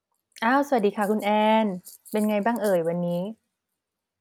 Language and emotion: Thai, neutral